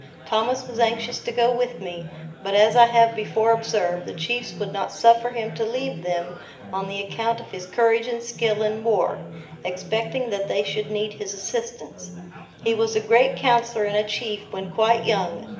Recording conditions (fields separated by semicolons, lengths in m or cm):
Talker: one person; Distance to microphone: 1.8 m; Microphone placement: close; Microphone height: 1.0 m; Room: large; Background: babble